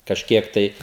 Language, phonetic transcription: Lithuanian, kažˈkiek tai

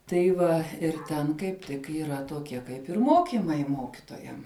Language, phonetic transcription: Lithuanian, tai ˈva ir ˈten kaip ˈtik yˈra toˈkie ˈkaip ir ˈmokimai ˈmokitojam

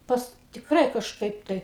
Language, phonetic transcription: Lithuanian, ˈpas tikˈrai kažˈkaip ˈtai

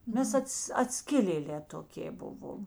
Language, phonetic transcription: Lithuanian, ˈmes ˈats atˈskilėˌlē toˈkė ˈbuvom

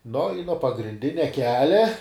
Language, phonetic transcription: Lithuanian, no i nuo pagrinˈdinia ˈkelia

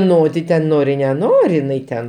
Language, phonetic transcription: Lithuanian, ˈno ti ˈten ˈnori neˈnori iˈnai ten

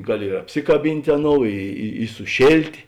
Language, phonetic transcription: Lithuanian, ˈgaˌli ir apˈsikaˌbint' ˈaˌnou i i suˈšėltė

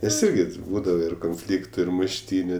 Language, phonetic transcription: Lithuanian, nes ˈirgi ti ˈbūdava ir konˈflyktu ir mušˈtyniu

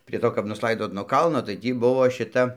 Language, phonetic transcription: Lithuanian, prie ˈto kap nusˈlaidot nuo ˈkalno tai ˈtį ˈbuvo šiˈta

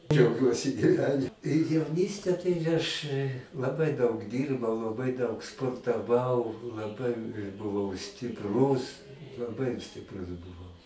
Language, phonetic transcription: Lithuanian, džiauˈgiuosi gyˈveni jauˈnyste tai aš laˈbai daug ˈdyrbau laˈbai daug sportaˈvau laˈbai buˈvau stipˈrūs laˈbai stipˈrus buˈvau

